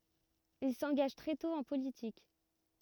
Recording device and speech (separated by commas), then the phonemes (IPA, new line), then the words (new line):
rigid in-ear microphone, read sentence
il sɑ̃ɡaʒ tʁɛ tɔ̃ ɑ̃ politik
Il s'engage très tôt en politique.